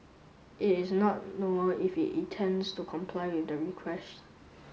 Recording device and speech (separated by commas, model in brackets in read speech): mobile phone (Samsung S8), read sentence